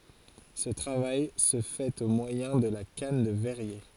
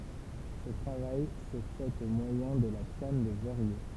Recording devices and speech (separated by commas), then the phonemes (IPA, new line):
forehead accelerometer, temple vibration pickup, read sentence
sə tʁavaj sə fɛt o mwajɛ̃ də la kan də vɛʁje